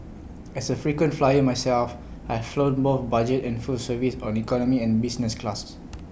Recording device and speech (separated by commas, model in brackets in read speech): boundary microphone (BM630), read sentence